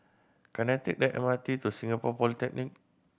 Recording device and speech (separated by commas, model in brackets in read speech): boundary microphone (BM630), read sentence